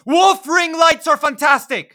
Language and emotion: English, neutral